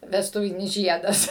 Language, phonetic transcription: Lithuanian, vesˈtuvinis ˈžiedas

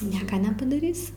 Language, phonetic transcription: Lithuanian, ˈnieka nepadaˈrysi

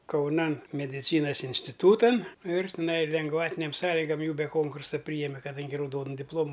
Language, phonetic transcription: Lithuanian, kauˈnan medˈicynas instiˈtūtan ir tiˈnai lengˈvatinėm ˈsąligam ˈjų be ˈkonkursa ˈpryjeme kaˈdangi rauˈdonu dipˈlomu

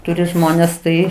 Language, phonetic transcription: Lithuanian, ˈturi ˈžmonės ˈtai

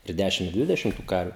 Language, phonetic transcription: Lithuanian, i ˈdæšim i ˈdvidešim tu ˈkarviu

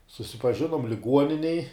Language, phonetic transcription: Lithuanian, susipaˈžinuom liˈguoninej

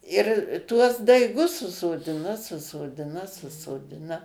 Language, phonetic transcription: Lithuanian, ir tuos daiˈgus susoˈdina susoˈdina susoˈdina

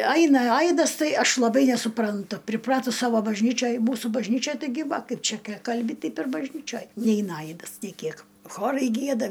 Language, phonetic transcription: Lithuanian, ˈaina ˈaidas ˈtai ˈaš laˈbai nesupranˈtu priˈpratus ˈsavo bažˈnyčioj ˈmūsu bažˈnyčioj taiˈgi ˈva ˈkaip ˈčia ki ˈkalbi ˈteip ir bažˈnyčioj ˈneina ˈaidas nė ˈkiek ˈchorai ˈgieda

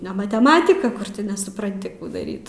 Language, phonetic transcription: Lithuanian, ne mateˈmatika ˈkur ti nesupranˈti ˈkų daˈryt

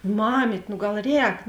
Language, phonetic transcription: Lithuanian, ˈmamyt' nu ˈgal ˈrēk

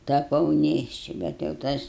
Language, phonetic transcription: Lithuanian, taˈpau ˈnėšči bet jau ˈtas

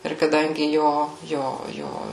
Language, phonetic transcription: Lithuanian, ir kaˈdangi ˈjo ˈjo ˈjo

